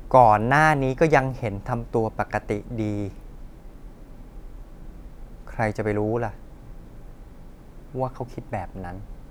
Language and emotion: Thai, frustrated